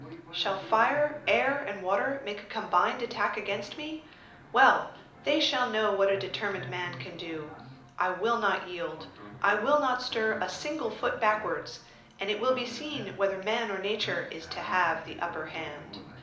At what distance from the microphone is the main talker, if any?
2.0 m.